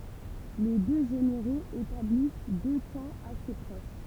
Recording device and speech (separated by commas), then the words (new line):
temple vibration pickup, read sentence
Les deux généraux établissent deux camps assez proches.